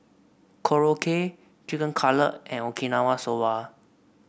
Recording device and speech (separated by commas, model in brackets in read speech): boundary microphone (BM630), read sentence